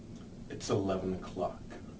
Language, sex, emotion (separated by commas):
English, male, disgusted